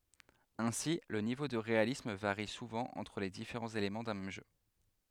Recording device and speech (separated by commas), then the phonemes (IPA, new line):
headset microphone, read sentence
ɛ̃si lə nivo də ʁealism vaʁi suvɑ̃ ɑ̃tʁ le difeʁɑ̃z elemɑ̃ dœ̃ mɛm ʒø